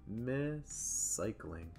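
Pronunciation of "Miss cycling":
'Miss cycling' is said slowly. The s sound at the end of 'miss' and the s sound at the start of 'cycling' are said only once, but held a little longer.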